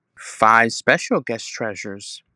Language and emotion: English, angry